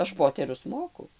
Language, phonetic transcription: Lithuanian, ˈaš ˈpoterius ˈmoku

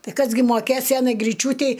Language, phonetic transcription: Lithuanian, ˈtai ˈkas gi moˈkės ˈsenai griˈčiūtei

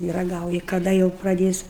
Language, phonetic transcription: Lithuanian, i raˈgauji kaˈda jau praˈdės

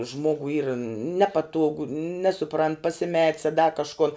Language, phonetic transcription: Lithuanian, ˈžmogui yr ˈnepatuogu ˈnesuprant pasiˈmet's a da kažˈkun

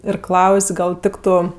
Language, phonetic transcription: Lithuanian, ir ˈklaus' ˈgal ˈtiktu

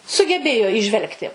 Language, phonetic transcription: Lithuanian, sugeˈbėjo įˈžvelgti

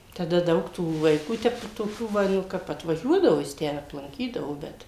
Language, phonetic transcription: Lithuanian, taˈda ˈdaug tų vaiˈkų ˈtep toˈkių ˈva nu ˈkap atvaˈžiuodavo jis ˈtę aplanˈkydavo ˈbet

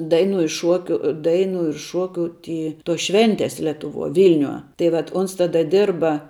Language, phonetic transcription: Lithuanian, ˈdainu i ˈšuokiu ˈdainu ir ˈšokiu ˈty tos ˈšventes letuˈvuo ˈvilniuo ˈtai vat ˈuns ˈtada ˈdirba

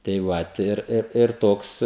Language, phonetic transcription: Lithuanian, tai ˈvat ir ir ir ˈtoks

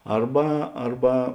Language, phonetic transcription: Lithuanian, ˈarba ˈarba

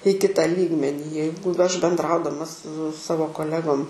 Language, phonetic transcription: Lithuanian, į ˈkita ˈlygmenį ˈjeigu aš bendˈraudama su ˈsavo koˈlegom

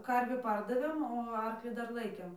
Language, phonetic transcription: Lithuanian, ˈkarvį ˈpardavėm o ˈarklį ˈdar ˈlaikėm

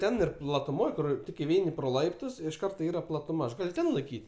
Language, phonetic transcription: Lithuanian, ˈten ir platuˈmoj kur ˈtik iˈveini pro ˈlaiptus iš ˈkarto ˈyra platuˈma aš ˈgal' ˈten laiˈkyt'

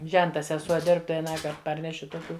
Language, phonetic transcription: Lithuanian, ˈženta seˈsuo ˈdirb tai aˈnąkart ˈparneši toˈkių

